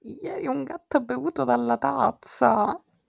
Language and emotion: Italian, disgusted